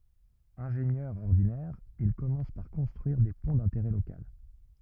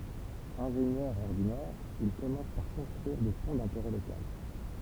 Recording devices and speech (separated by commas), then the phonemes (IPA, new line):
rigid in-ear microphone, temple vibration pickup, read sentence
ɛ̃ʒenjœʁ ɔʁdinɛʁ il kɔmɑ̃s paʁ kɔ̃stʁyiʁ de pɔ̃ dɛ̃teʁɛ lokal